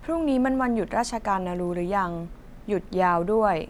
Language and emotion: Thai, neutral